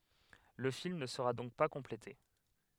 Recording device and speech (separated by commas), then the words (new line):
headset microphone, read sentence
Le film ne sera donc pas complété.